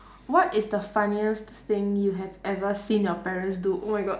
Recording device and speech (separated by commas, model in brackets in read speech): standing microphone, conversation in separate rooms